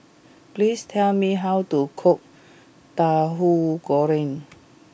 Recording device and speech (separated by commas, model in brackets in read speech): boundary microphone (BM630), read sentence